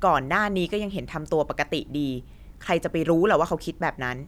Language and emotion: Thai, frustrated